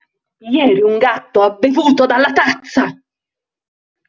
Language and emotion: Italian, angry